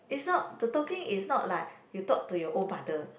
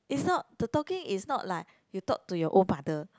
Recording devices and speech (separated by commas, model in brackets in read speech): boundary microphone, close-talking microphone, conversation in the same room